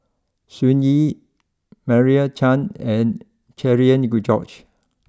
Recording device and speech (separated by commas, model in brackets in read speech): close-talking microphone (WH20), read sentence